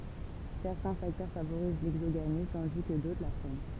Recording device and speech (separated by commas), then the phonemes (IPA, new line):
temple vibration pickup, read sentence
sɛʁtɛ̃ faktœʁ favoʁiz lɛɡzoɡami tɑ̃di kə dotʁ la fʁɛn